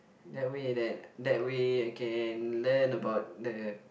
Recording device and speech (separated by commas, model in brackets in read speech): boundary microphone, conversation in the same room